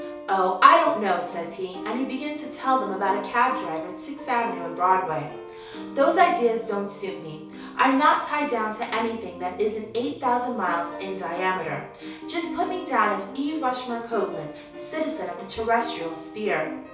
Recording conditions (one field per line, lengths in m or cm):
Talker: one person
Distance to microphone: 3.0 m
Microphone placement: far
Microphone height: 1.8 m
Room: small (3.7 m by 2.7 m)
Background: music